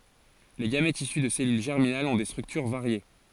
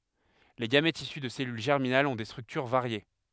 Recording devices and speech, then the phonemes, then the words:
forehead accelerometer, headset microphone, read sentence
le ɡamɛtz isy də sɛlyl ʒɛʁminalz ɔ̃ de stʁyktyʁ vaʁje
Les gamètes issus de cellules germinales ont des structures variées.

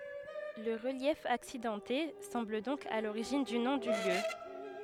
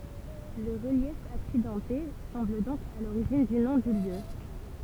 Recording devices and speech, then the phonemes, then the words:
headset microphone, temple vibration pickup, read sentence
lə ʁəljɛf aksidɑ̃te sɑ̃bl dɔ̃k a loʁiʒin dy nɔ̃ dy ljø
Le relief accidenté semble donc à l'origine du nom du lieu.

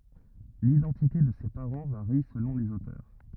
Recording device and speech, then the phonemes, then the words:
rigid in-ear microphone, read sentence
lidɑ̃tite də se paʁɑ̃ vaʁi səlɔ̃ lez otœʁ
L’identité de ses parents varie selon les auteurs.

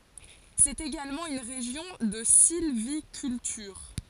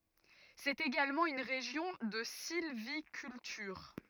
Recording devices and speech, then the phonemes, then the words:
forehead accelerometer, rigid in-ear microphone, read sentence
sɛt eɡalmɑ̃ yn ʁeʒjɔ̃ də silvikyltyʁ
C'est également une région de sylviculture.

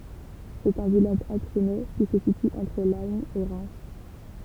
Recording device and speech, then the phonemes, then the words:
temple vibration pickup, read sentence
sɛt œ̃ vilaʒ aksonɛ ki sə sity ɑ̃tʁ lɑ̃ e ʁɛm
C'est un village axonais qui se situe entre Laon et Reims.

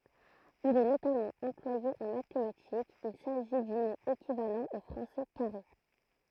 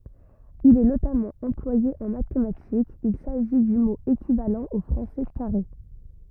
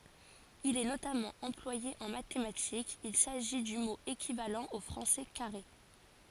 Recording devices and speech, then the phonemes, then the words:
throat microphone, rigid in-ear microphone, forehead accelerometer, read sentence
il ɛ notamɑ̃ ɑ̃plwaje ɑ̃ matematikz il saʒi dy mo ekivalɑ̃ o fʁɑ̃sɛ kaʁe
Il est notamment employé en mathématiques, il s'agit du mot équivalent au français carré.

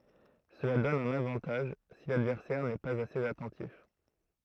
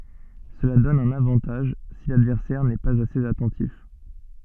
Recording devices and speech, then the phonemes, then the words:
throat microphone, soft in-ear microphone, read sentence
səla dɔn œ̃n avɑ̃taʒ si ladvɛʁsɛʁ nɛ paz asez atɑ̃tif
Cela donne un avantage si l'adversaire n'est pas assez attentif.

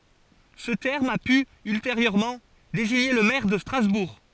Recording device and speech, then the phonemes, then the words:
forehead accelerometer, read sentence
sə tɛʁm a py ylteʁjøʁmɑ̃ deziɲe lə mɛʁ də stʁazbuʁ
Ce terme a pu ultérieurement désigner le maire de Strasbourg.

